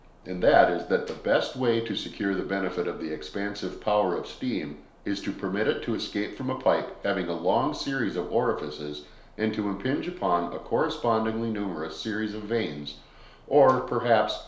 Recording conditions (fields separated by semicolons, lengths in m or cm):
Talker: one person; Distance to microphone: 1.0 m; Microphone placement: close; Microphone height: 1.1 m; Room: small (3.7 m by 2.7 m); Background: none